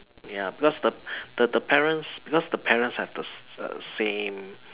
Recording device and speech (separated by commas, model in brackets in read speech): telephone, conversation in separate rooms